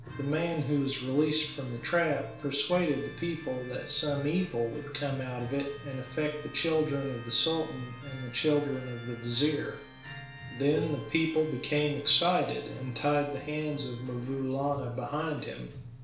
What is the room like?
A small room.